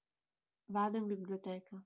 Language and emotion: Italian, neutral